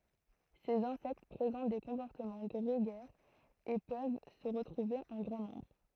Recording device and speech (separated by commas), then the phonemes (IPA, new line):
throat microphone, read sentence
sez ɛ̃sɛkt pʁezɑ̃t de kɔ̃pɔʁtəmɑ̃ ɡʁeɡɛʁz e pøv sə ʁətʁuve ɑ̃ ɡʁɑ̃ nɔ̃bʁ